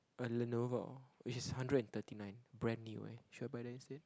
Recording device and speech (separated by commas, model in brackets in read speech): close-talking microphone, conversation in the same room